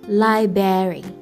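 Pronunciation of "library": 'Library' is pronounced incorrectly here.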